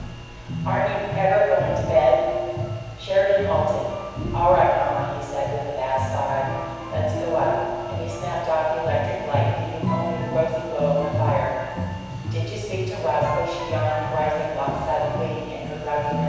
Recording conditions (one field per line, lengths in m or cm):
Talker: one person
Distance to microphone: 7.1 m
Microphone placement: far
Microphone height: 1.7 m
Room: very reverberant, large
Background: music